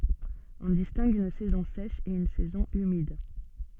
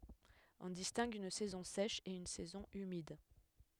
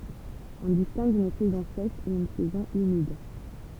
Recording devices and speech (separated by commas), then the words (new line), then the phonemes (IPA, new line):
soft in-ear microphone, headset microphone, temple vibration pickup, read sentence
On distingue une saison sèche et une saison humide.
ɔ̃ distɛ̃ɡ yn sɛzɔ̃ sɛʃ e yn sɛzɔ̃ ymid